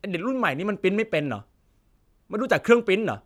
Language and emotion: Thai, angry